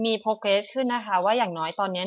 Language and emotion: Thai, neutral